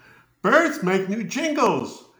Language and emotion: English, happy